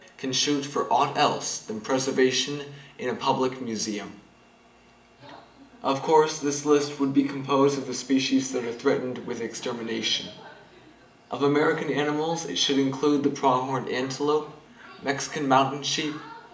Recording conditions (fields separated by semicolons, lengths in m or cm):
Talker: one person; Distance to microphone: 1.8 m; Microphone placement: close; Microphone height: 1.0 m; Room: large; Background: television